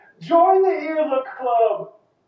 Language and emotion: English, happy